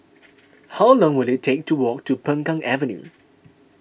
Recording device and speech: boundary microphone (BM630), read sentence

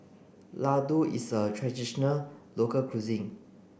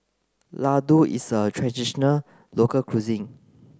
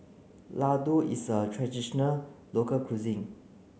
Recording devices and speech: boundary microphone (BM630), close-talking microphone (WH30), mobile phone (Samsung C9), read sentence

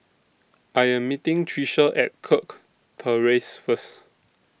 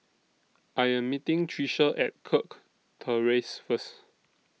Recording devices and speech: boundary microphone (BM630), mobile phone (iPhone 6), read sentence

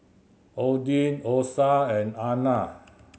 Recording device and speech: mobile phone (Samsung C7100), read sentence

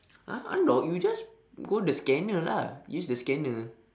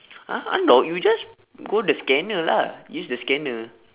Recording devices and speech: standing microphone, telephone, conversation in separate rooms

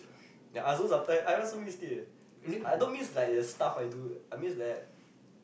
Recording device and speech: boundary microphone, conversation in the same room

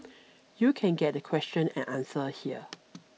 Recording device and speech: mobile phone (iPhone 6), read sentence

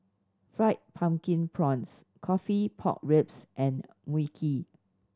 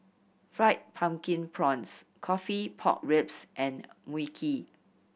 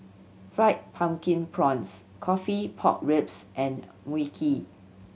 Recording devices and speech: standing microphone (AKG C214), boundary microphone (BM630), mobile phone (Samsung C7100), read sentence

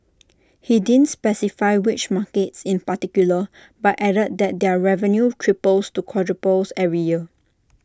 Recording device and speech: standing microphone (AKG C214), read sentence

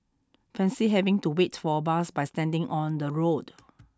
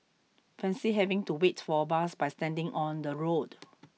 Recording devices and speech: standing microphone (AKG C214), mobile phone (iPhone 6), read sentence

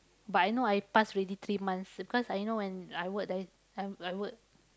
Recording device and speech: close-talking microphone, conversation in the same room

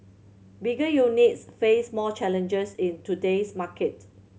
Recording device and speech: mobile phone (Samsung C7100), read sentence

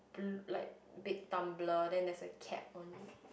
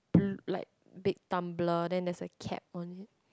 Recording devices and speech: boundary microphone, close-talking microphone, conversation in the same room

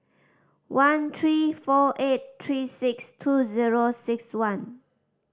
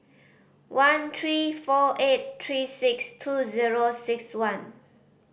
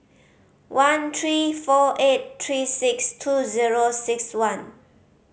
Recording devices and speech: standing microphone (AKG C214), boundary microphone (BM630), mobile phone (Samsung C5010), read sentence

